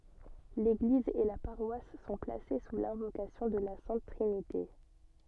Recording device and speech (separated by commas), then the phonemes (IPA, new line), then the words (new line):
soft in-ear microphone, read sentence
leɡliz e la paʁwas sɔ̃ plase su lɛ̃vokasjɔ̃ də la sɛ̃t tʁinite
L'église et la paroisse sont placées sous l'invocation de la Sainte Trinité.